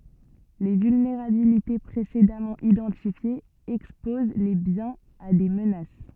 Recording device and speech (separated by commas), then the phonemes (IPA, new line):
soft in-ear microphone, read sentence
le vylneʁabilite pʁesedamɑ̃ idɑ̃tifjez ɛkspoz le bjɛ̃z a de mənas